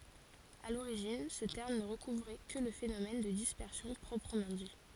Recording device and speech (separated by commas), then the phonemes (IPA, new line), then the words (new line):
forehead accelerometer, read sentence
a loʁiʒin sə tɛʁm nə ʁəkuvʁɛ kə lə fenomɛn də dispɛʁsjɔ̃ pʁɔpʁəmɑ̃ di
À l'origine, ce terme ne recouvrait que le phénomène de dispersion proprement dit.